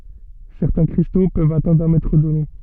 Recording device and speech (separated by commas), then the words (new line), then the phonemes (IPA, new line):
soft in-ear microphone, read sentence
Certains cristaux peuvent atteindre un mètre de long.
sɛʁtɛ̃ kʁisto pøvt atɛ̃dʁ œ̃ mɛtʁ də lɔ̃